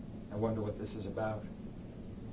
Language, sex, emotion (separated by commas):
English, male, fearful